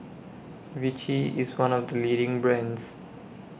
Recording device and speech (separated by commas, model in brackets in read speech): boundary microphone (BM630), read sentence